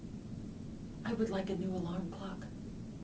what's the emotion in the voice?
neutral